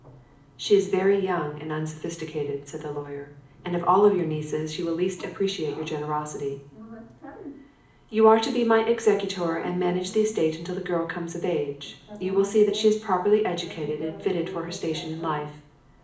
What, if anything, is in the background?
A television.